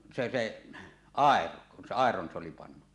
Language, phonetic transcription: Finnish, 'se se , "àero , kun se 'àeron se oli 'pannu .
- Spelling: se se airo kun se airon se oli pannut

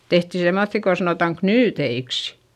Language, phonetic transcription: Finnish, tehtì semmoϑϑi ko sanòtaŋ knyyteiks .
- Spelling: tehtiin semmoisia kun sanotaan knyyteiksi

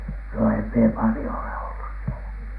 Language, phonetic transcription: Finnish, no em mie "palⁱjo ole ollus sielä .
- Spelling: no en minä paljon ole ollut siellä

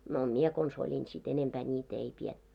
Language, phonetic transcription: Finnish, no "mie 'kons oĺin sit 'enempää ńi't ‿ei 'pietty .
- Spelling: no minä konsa olin sitten enempää niitä ei pidetty

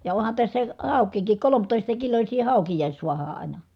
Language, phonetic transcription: Finnish, ja ohan tässä , hàuk̀iikik kolomtòista kilośii hàukijahis suahaa ʼàina .
- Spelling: ja onhan tässä haukiakin kolmetoista kiloisia haukiakin saadaan aina

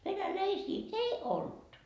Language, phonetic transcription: Finnish, 'venä"läisii "ei 'olD .
- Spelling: venäläisiä ei ollut

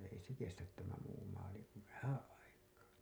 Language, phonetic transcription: Finnish, ei se 'kestät tämä muu maali kun "vähää̰ 'aikaa .
- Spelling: ei se kestä tämä muu maali kuin vähän aikaa

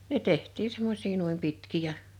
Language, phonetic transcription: Finnish, ne 'teht̀ii 'semmosii nuim 'pitkì ja .
- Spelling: ne tehtiin semmoisia noin pitkiä ja

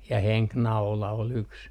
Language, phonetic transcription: Finnish, ja "heŋknaula ol 'yks .
- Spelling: ja henkinaula oli yksi

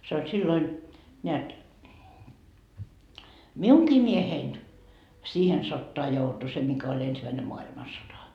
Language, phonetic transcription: Finnish, se oĺ 'silloin , neät , "miuŋkii 'miehein , "siihen 'sottoa joutu 'se mikä oĺ ensimäine 'moa₍ilmasota .
- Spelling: se oli silloin näet minunkin mieheni siihen sotaan joutui se mikä oli ensimmäinen maailmansota

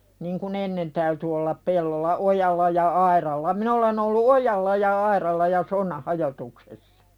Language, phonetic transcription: Finnish, niŋ ku"n ‿ennen täyty ollap 'pellolla "’ojalla ja 'airalla min ‿olen ‿ollu "ojalla ja 'airalla ja "sonnah 'hajotuksessᴀ .
- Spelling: niin kun ennen täytyi olla pellolla ojalla ja aidalla minä olen ollut ojalla ja aidalla ja sonnan hajotuksessa

